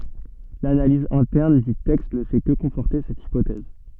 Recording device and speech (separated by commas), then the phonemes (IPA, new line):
soft in-ear microphone, read sentence
lanaliz ɛ̃tɛʁn dy tɛkst nə fɛ kə kɔ̃fɔʁte sɛt ipotɛz